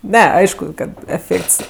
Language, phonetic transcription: Lithuanian, ˈne ˈaišku ˈkad eˈfėkts

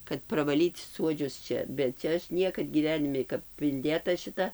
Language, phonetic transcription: Lithuanian, kad pravaˈlyt ˈsuodžius ˈčia bet ˈčia ˈaš ˈniekad gyˈvenimi kap inˈdėta šiˈta

